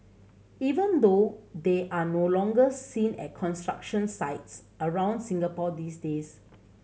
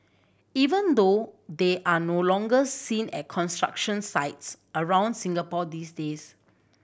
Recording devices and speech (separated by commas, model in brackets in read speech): mobile phone (Samsung C7100), boundary microphone (BM630), read sentence